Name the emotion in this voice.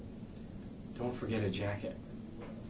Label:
neutral